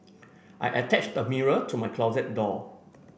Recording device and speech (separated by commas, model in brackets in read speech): boundary microphone (BM630), read sentence